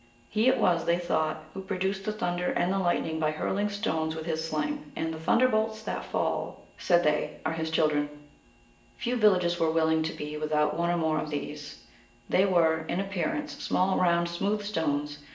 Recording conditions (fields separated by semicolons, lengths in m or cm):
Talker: one person; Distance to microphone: 1.8 m; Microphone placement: close; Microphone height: 1.0 m; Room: large; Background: none